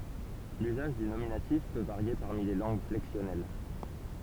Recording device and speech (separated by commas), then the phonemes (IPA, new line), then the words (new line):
temple vibration pickup, read sentence
lyzaʒ dy nominatif pø vaʁje paʁmi le lɑ̃ɡ flɛksjɔnɛl
L'usage du nominatif peut varier parmi les langues flexionnelles.